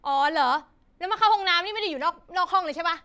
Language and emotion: Thai, angry